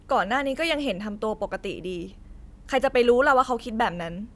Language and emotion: Thai, frustrated